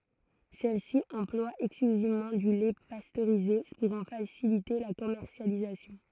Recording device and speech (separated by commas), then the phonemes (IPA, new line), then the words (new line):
throat microphone, read sentence
sɛlsi ɑ̃plwa ɛksklyzivmɑ̃ dy lɛ pastøʁize puʁ ɑ̃ fasilite la kɔmɛʁsjalizasjɔ̃
Celle-ci emploie exclusivement du lait pasteurisé pour en faciliter la commercialisation.